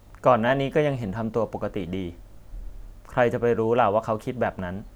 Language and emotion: Thai, neutral